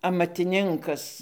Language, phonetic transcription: Lithuanian, amatiˈninkas

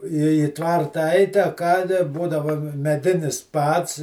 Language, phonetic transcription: Lithuanian, į i ˈtvarta ait' a ˈką da ˈbūdava meˈdinis ˈpads

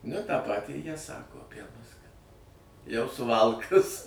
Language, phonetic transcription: Lithuanian, nu tą ˈpatį jie ˈsako aˈpie mus kad jau suˈvalkas

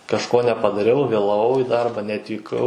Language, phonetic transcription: Lithuanian, kažˈko nepadaˈriau vėlaˈvau į ˈdarba neatvyˈkau

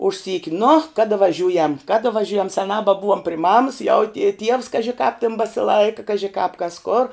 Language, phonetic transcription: Lithuanian, už ˈsyki nu ˈkada vaˈžiūjam ˈkada vaˈžiūjam seˈnā baˈbuvom pri mams jau tie tievs ˈkaži kāp tin basiˈlaika ˈkaži kāp kas kor

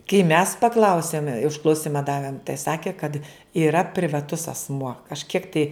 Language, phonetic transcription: Lithuanian, kai mes paˈklausėm užklauˈsima ˈdavėm tai ˈsakė kad yˈra privaˈtus asˈmuo kažˈkiek tai

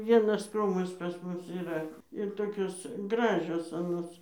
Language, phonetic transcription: Lithuanian, ˈvienas ˈkrūmas pas ˈmus yˈra ir ˈtokios ˈgražios aˈnos

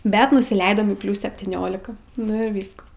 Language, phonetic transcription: Lithuanian, ˈbet nusiˈleidom į ˈpliūs septyˈniolika ˈnu ir ˈvyskas

